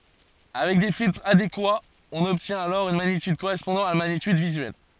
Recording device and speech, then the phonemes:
forehead accelerometer, read sentence
avɛk de filtʁz adekwaz ɔ̃n ɔbtjɛ̃t alɔʁ yn maɲityd koʁɛspɔ̃dɑ̃ a la maɲityd vizyɛl

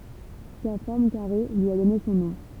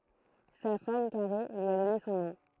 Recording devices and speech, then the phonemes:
temple vibration pickup, throat microphone, read sentence
sa fɔʁm kaʁe lyi a dɔne sɔ̃ nɔ̃

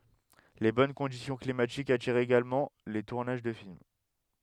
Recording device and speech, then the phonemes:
headset microphone, read sentence
le bɔn kɔ̃disjɔ̃ klimatikz atiʁt eɡalmɑ̃ le tuʁnaʒ də film

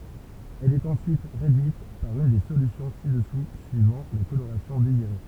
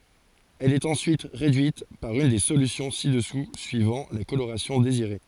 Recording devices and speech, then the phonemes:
temple vibration pickup, forehead accelerometer, read sentence
ɛl ɛt ɑ̃syit ʁedyit paʁ yn de solysjɔ̃ si dəsu syivɑ̃ la koloʁasjɔ̃ deziʁe

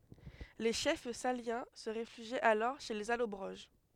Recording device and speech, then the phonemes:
headset microphone, read sentence
le ʃɛf saljɑ̃ sə ʁefyʒit alɔʁ ʃe lez alɔbʁoʒ

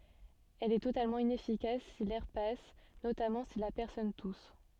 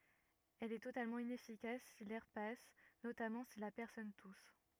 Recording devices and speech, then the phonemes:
soft in-ear microphone, rigid in-ear microphone, read sentence
ɛl ɛ totalmɑ̃ inɛfikas si lɛʁ pas notamɑ̃ si la pɛʁsɔn tus

